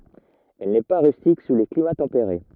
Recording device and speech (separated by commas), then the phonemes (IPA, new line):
rigid in-ear microphone, read sentence
ɛl nɛ pa ʁystik su le klima tɑ̃peʁe